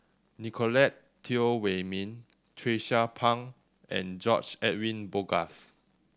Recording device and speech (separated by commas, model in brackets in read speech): standing microphone (AKG C214), read sentence